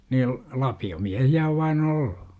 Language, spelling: Finnish, niin lapiomiehiä on vain ollut
- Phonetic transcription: niil , 'lapi₍omiähi₍ä ow vai'n ‿olLU .

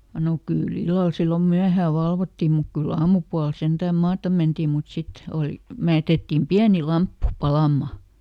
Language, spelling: Finnish, no kyllä illalla silloin myöhään valvottiin mutta kyllä aamupuolella sentään maata mentiin mutta sitten oli - jätettiin pieni lamppu palamaan
- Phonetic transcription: no ˈkỳ"l ‿illal ˈsillom ˈmyähää ˈvalvottim muk ˈkyl"l ‿aamupual ˈsentääm ˈmaatam̆ ˈmentiim mut ˈsit , ˈòli , ˈme- , ˈjätettiim "piäni ˈlamppu "palàmma .

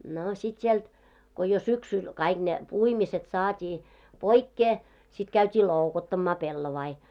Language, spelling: Finnish, no sitten sieltä kun jo syksyllä kaikki ne puimiset saatiin poikkeen sitten käytiin loukuttamaan pellavia
- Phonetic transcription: no sit 'sielt , ko jo 'syksyl kaiɢ ne , 'puimiset 'saat́ii , 'poikkee , sit käyt́ii "lòukottammaa 'pellovai .

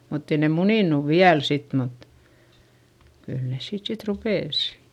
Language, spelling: Finnish, mutta ei ne muninut vielä sitten mutta kyllä ne siitä sitten rupesi
- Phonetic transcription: mutt ‿ei ne munìnuv viäl sit mut , kyl nes siit sit rupès .

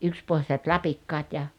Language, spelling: Finnish, yksipohjaiset lapikkaat ja
- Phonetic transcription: '’ykspohjaset "lapikkaat ja ,.

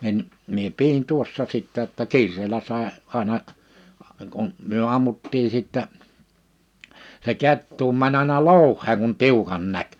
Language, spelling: Finnish, niin minä pidin tuossa sitten jotta kiireellä sai aina kun me ammuttiin sitten se kettukin meni aina louheen kun tiukan näki
- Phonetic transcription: 'nin , mie 'pi₍in 'tuossa sìttä jotta "ki̬ir̆reelä sàe , 'àena , kun , myö 'ammutti sìttä , se 'kettuu 'mä'ń ‿àⁱna "lòuh̆heeŋ kun 'tiu(k)an 'näk .

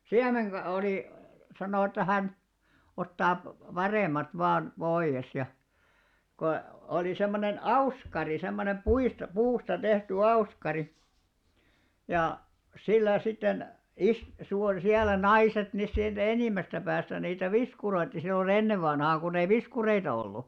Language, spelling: Finnish, - oli sanoi että hän ottaa paremmat vain pois ja kun oli semmoinen auskari semmoinen puista puusta tehty auskari ja sillä sitten - - siellä naiset ne sieltä enimmästä päästä niitä viskuroitsi silloin ennen vanhaan kun ei viskureita ollut
- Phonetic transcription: siämeŋka- 'olì , 'sanò että 'hän , 'ottaap-'parèmmat vaan , 'ʙoiʲes ja , ko , olì semmonen "auskari semmonem 'puista 'puusta 'tehty "auskari , ja , 'sillä 'sitten , is- (suu₍or-) 'siällä "naiset nes siältä 'enìmmästä päästä niitä "viskuroitti sillo'n ‿ennev̆ vanhaaŋ kunnei "viskureita 'ollu .

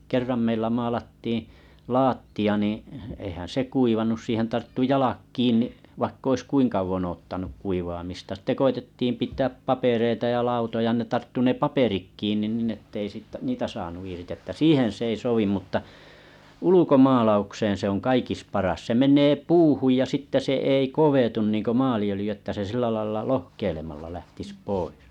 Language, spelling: Finnish, kerran meillä maalattiin lattia niin eihän se kuivanut siihen tarttui jalat kiinni vaikka olisi kuinka kauan odottanut kuivaamista sitten koetettiin pitää papereita ja lautoja ne tarttui ne paperit kiinni niin että ei sitten niitä saanut irti että siihen se ei sovi mutta ulkomaalaukseen se on kaikista paras se menee puuhun ja sitten se ei kovetu niin kuin maaliöljy että se sillä lailla lohkeilemalla lähtisi pois
- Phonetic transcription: 'kerram meillä malattiiḭ , 'laatti,a niiḭ , eⁱhän se 'kuivanus siihen tarttu 'jalak 'kiin̆ni’ , vaikk ‿ois "kuiŋ kauvon oottanuk 'kuivaamista sⁱtte 'koitettiim pit̀ääp 'papereita ja 'lautoja ne tarttu ne "paperik 'kiin̆nin ninn ‿ettei sittᵃ̈ 'niitä saanu irtⁱ ᵊttä "siihen s ‿ei 'sovim mutta , "ulukomalaukseen̬ se oŋ "kaikis̳ 'paras se 'meǹee "puuhuj ja sitte se ei 'kovetun niŋko 'maali₍ölⁱjy että se 'sillä lailla "lohkeilemalla lähtiss 'pois .

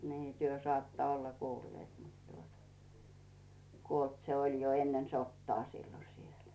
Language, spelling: Finnish, niin te saatte olla kuulleet mutta tuota kuollut se oli jo ennen sotaa silloin siellä
- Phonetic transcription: nii 'työ "saatta olla 'kuulleet mut tuota , 'kuolt se oĺ jo 'ennen 'sottaa sillo siel .

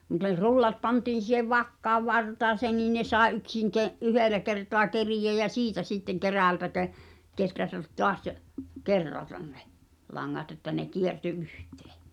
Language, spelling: Finnish, mutta jos rullat pantiin siihen vakkaan vartaaseen niin ne sai yksin - yhdellä kertaa keriä ja siitä sitten kerältä - kehrätä taas kerrata ne langat että ne kiertyi yhteen
- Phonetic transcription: mᵘᵗᵗᵃ (j)os 'rullat 'pantiin̬ si̳hev "vakkaav "vartaaseen niin 'ne sàe '’yksiŋ ke- , "yhèlä kertoa 'kerijä jä "siitä sitteŋ 'kerä̀ltä ke- , 'keträtät 'toas , "kerratan nᴇ , 'laŋŋat ‿että ne 'kierty "’yhtᴇᴇ .

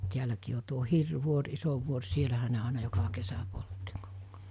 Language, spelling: Finnish, täälläkin on tuo Hirvivuori iso vuori siellähän ne aina joka kesä poltti -
- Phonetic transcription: 'tiäläkii o tuo 'Hirv̆'vuor 'iso 'vuor 'sielähä ne àena joka kesä poltti (kokko- -) .

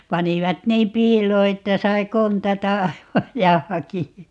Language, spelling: Finnish, panivat niin piiloon että sai kontata aivan ja hakea
- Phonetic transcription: 'panivat 'niim "p̀iiloo 'että sai "kontata 'aivaj ja 'haki₍a .

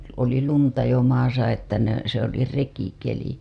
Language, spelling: Finnish, oli lunta jo maassa että ne se oli rekikeli
- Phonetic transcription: , oli lunta jo maasa että ne , se ‿oli 'rekikeli .

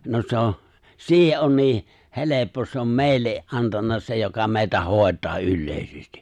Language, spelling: Finnish, no se on siihen on niin helppo se on meille antanut se joka meitä hoitaa yleisesti
- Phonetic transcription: 'no 'se ‿o' 'siihe’ ’on 'nii , 'heleppo , se ‿om 'mèi̬lle’ , '’antanna se joka mè̬i̬tä 'hòet̀aa 'yllèisesti .

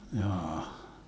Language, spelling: Finnish, jaa
- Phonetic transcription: 'jaa₍ah .

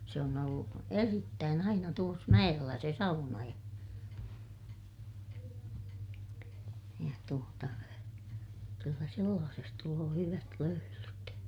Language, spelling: Finnish, se on ollut erittäin aina tuossa mäellä se sauna ja ja tuota kyllä sellaisessa tulee hyvät löylyt
- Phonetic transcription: se on ‿ollu , erittään ‿aina tuos mäʲellä se sauna ja , ja tuota , kyllä sellaases tuloo hyvät löylyt .

